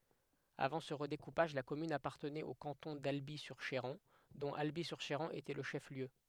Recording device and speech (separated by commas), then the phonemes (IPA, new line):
headset microphone, read sentence
avɑ̃ sə ʁədekupaʒ la kɔmyn apaʁtənɛt o kɑ̃tɔ̃ dalbi syʁ ʃeʁɑ̃ dɔ̃t albi syʁ ʃeʁɑ̃ etɛ lə ʃɛf ljø